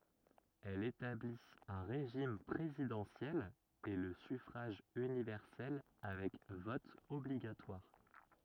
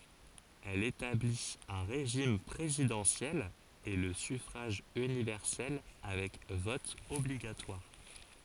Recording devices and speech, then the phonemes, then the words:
rigid in-ear microphone, forehead accelerometer, read sentence
ɛl etablit œ̃ ʁeʒim pʁezidɑ̃sjɛl e lə syfʁaʒ ynivɛʁsɛl avɛk vɔt ɔbliɡatwaʁ
Elle établit un régime présidentiel et le suffrage universel avec vote obligatoire.

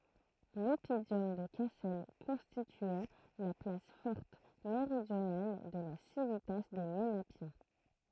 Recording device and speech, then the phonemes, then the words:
throat microphone, read sentence
lɔpidɔm də kasɛl kɔ̃stityɛ la plas fɔʁt meʁidjonal də la sivita de menapjɛ̃
L'oppidum de Cassel constituait la place forte méridionale de la civitas des Ménapiens.

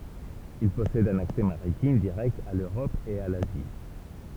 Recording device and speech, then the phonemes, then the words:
temple vibration pickup, read sentence
il pɔsɛd œ̃n aksɛ maʁitim diʁɛkt a løʁɔp e a lazi
Il possède un accès maritime direct à l'Europe et à l'Asie.

